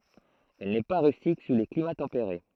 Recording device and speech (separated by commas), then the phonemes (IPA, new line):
throat microphone, read sentence
ɛl nɛ pa ʁystik su le klima tɑ̃peʁe